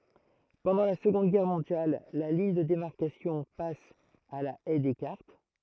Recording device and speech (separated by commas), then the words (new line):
throat microphone, read sentence
Pendant la Seconde Guerre mondiale, la ligne de démarcation passe à la Haye Descartes.